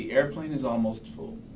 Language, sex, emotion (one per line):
English
male
neutral